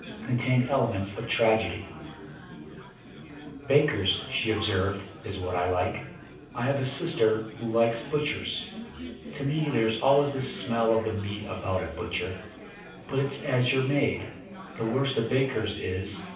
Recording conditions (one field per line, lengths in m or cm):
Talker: one person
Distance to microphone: 5.8 m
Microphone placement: far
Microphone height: 1.8 m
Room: medium-sized (5.7 m by 4.0 m)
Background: babble